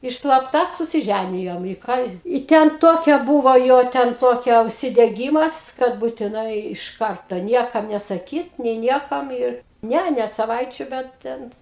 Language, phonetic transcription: Lithuanian, ir slapˈta susiˈžænijom i ˈką i ˈten ˈtokia ˈbūvo ˈjo ten ˈtokia užsideˈgymas kad būtiˈnai iš ˈkarto ˈniekam nesaˈkyt nė ˈniekam ir ˈne ne saˈvaičių ˈbet ten

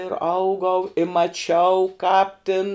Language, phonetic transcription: Lithuanian, ir ˈaugau i maˈčiau kāp tin

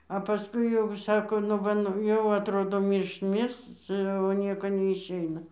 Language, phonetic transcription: Lithuanian, a paˈskui jau ˈšako nu ˈva nu ˈjau atˈrodo ˈmyršt ˈmirs ˈcia o ˈnieko neišˈeina

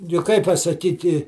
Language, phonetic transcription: Lithuanian, juk ˈkaip pasaˈkyti

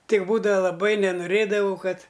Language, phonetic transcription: Lithuanian, ˈtik ˈbūdava laˈbai nenuˈrėdavau ˈkad

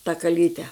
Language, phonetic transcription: Lithuanian, ta kaˈlyte

